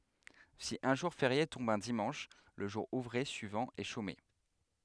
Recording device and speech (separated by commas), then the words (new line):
headset microphone, read sentence
Si un jour férié tombe un dimanche, le jour ouvré suivant est chômé.